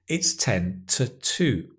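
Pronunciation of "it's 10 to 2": In 'it's 10 to 2', '10' and '2' are stressed and 'to' is unstressed. 'To' is said in its weak form, with a schwa.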